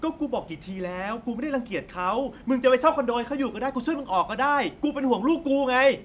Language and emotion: Thai, angry